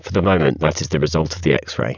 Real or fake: fake